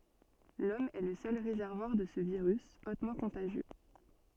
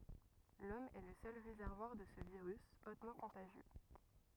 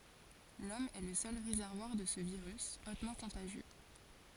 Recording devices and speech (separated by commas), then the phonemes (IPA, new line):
soft in-ear microphone, rigid in-ear microphone, forehead accelerometer, read sentence
lɔm ɛ lə sœl ʁezɛʁvwaʁ də sə viʁys otmɑ̃ kɔ̃taʒjø